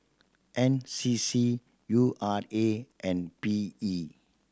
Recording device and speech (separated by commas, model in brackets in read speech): standing microphone (AKG C214), read sentence